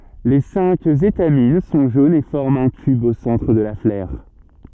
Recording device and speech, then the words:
soft in-ear microphone, read sentence
Les cinq étamines sont jaunes et forment un tube au centre de la fleur.

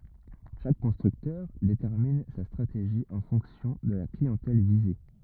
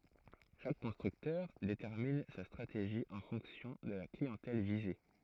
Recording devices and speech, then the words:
rigid in-ear microphone, throat microphone, read sentence
Chaque constructeur détermine sa stratégie en fonction de la clientèle visée.

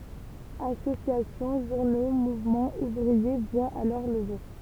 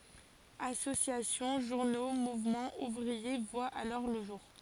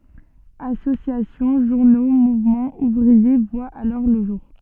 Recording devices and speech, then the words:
temple vibration pickup, forehead accelerometer, soft in-ear microphone, read sentence
Associations, journaux, mouvements ouvriers voient alors le jour.

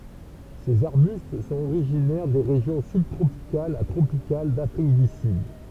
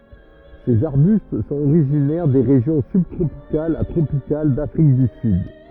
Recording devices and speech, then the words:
temple vibration pickup, rigid in-ear microphone, read sentence
Ces arbustes sont originaires des régions sub-tropicales à tropicales d'Afrique du Sud.

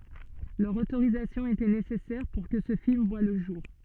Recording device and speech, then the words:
soft in-ear microphone, read sentence
Leur autorisation était nécessaire pour que ce film voit le jour.

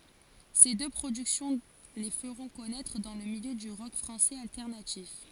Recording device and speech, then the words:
forehead accelerometer, read sentence
Ces deux productions les feront connaître dans le milieu du rock français alternatif.

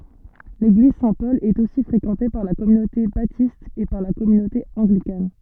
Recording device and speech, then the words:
soft in-ear microphone, read sentence
L’église Saint-Paul est aussi fréquentée par la communauté Baptiste et par la communauté Anglicane.

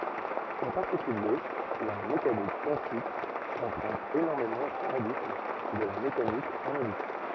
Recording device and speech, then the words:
rigid in-ear microphone, read sentence
En particulier, la mécanique quantique emprunte énormément au formalisme de la mécanique analytique.

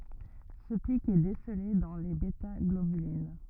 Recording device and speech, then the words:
rigid in-ear microphone, read sentence
Ce pic est décelé dans les bêtaglobulines.

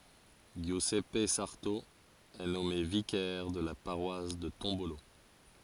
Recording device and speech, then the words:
forehead accelerometer, read sentence
Giuseppe Sarto est nommé vicaire de la paroisse de Tombolo.

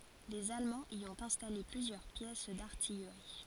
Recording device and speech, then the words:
forehead accelerometer, read sentence
Les Allemands y ont installé plusieurs pièces d'artillerie.

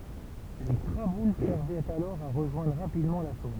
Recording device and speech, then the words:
temple vibration pickup, read sentence
Les traboules servaient alors à rejoindre rapidement la Saône.

